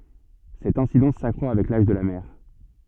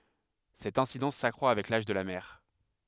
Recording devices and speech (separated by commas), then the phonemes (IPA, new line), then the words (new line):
soft in-ear microphone, headset microphone, read sentence
sɛt ɛ̃sidɑ̃s sakʁwa avɛk laʒ də la mɛʁ
Cette incidence s’accroît avec l'âge de la mère.